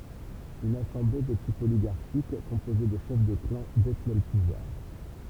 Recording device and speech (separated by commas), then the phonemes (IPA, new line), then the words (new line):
temple vibration pickup, read sentence
yn asɑ̃ble də tip oliɡaʁʃik kɔ̃poze də ʃɛf də klɑ̃ detnɛ lə puvwaʁ
Une assemblée, de type oligarchique, composée de chefs de clans, détenait le pouvoir.